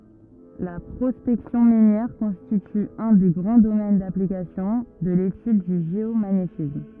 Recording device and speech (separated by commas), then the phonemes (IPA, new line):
rigid in-ear microphone, read sentence
la pʁɔspɛksjɔ̃ minjɛʁ kɔ̃stity œ̃ de ɡʁɑ̃ domɛn daplikasjɔ̃ də letyd dy ʒeomaɲetism